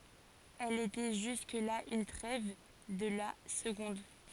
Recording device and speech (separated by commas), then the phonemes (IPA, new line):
forehead accelerometer, read sentence
ɛl etɛ ʒysk la yn tʁɛv də la səɡɔ̃d